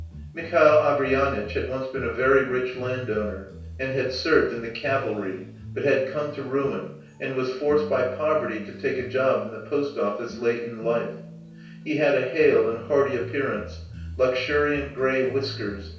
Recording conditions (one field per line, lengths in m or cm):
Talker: one person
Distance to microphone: 3.0 m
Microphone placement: far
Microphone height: 1.8 m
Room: small (3.7 m by 2.7 m)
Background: music